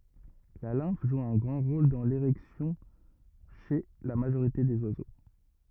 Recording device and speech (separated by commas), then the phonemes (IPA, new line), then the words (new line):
rigid in-ear microphone, read sentence
la lɛ̃f ʒu œ̃ ɡʁɑ̃ ʁol dɑ̃ leʁɛksjɔ̃ ʃe la maʒoʁite dez wazo
La lymphe joue un grand rôle dans l'érection chez la majorité des oiseaux.